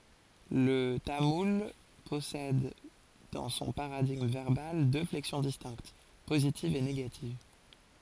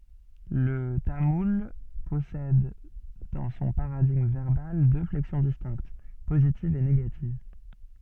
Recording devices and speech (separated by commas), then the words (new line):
forehead accelerometer, soft in-ear microphone, read sentence
Le tamoul possède dans son paradigme verbal deux flexions distinctes, positive et négative.